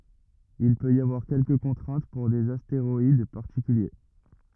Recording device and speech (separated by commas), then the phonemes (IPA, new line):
rigid in-ear microphone, read sentence
il pøt i avwaʁ kɛlkə kɔ̃tʁɛ̃t puʁ dez asteʁɔid paʁtikylje